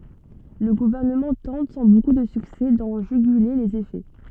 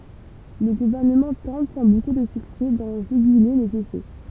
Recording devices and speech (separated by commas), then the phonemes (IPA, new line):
soft in-ear microphone, temple vibration pickup, read sentence
lə ɡuvɛʁnəmɑ̃ tɑ̃t sɑ̃ boku də syksɛ dɑ̃ ʒyɡyle lez efɛ